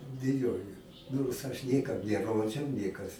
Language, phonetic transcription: Lithuanian, ˈbijojo nors ˈaš ˈnėkam neˈrodžiau ˈnėkas

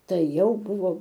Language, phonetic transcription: Lithuanian, ˈtai ˈjau ˈbuvo

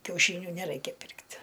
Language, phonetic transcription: Lithuanian, kiauˈšyniu neˈraikia ˈpirkt'

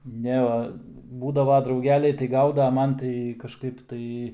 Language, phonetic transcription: Lithuanian, ˈne va ˈbūdava drauˈgeliai tai ˈgauda a ˈman tai kažˈkaip tai

